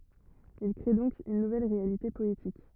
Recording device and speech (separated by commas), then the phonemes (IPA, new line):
rigid in-ear microphone, read sentence
il kʁe dɔ̃k yn nuvɛl ʁealite pɔetik